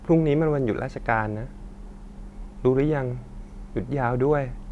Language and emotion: Thai, sad